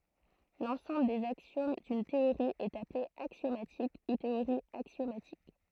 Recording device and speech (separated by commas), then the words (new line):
throat microphone, read sentence
L'ensemble des axiomes d'une théorie est appelé axiomatique ou théorie axiomatique.